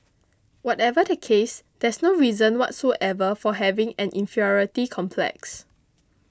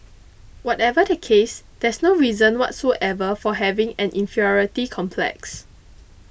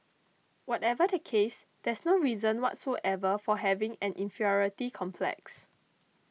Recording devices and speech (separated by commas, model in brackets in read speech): close-talking microphone (WH20), boundary microphone (BM630), mobile phone (iPhone 6), read sentence